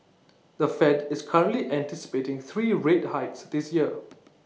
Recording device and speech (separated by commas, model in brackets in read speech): mobile phone (iPhone 6), read sentence